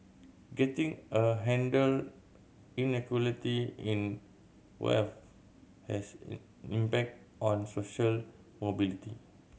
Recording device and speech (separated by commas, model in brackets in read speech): mobile phone (Samsung C7100), read sentence